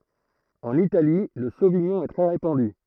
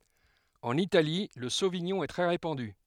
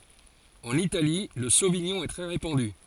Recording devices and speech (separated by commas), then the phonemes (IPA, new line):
throat microphone, headset microphone, forehead accelerometer, read sentence
ɑ̃n itali lə soviɲɔ̃ ɛ tʁɛ ʁepɑ̃dy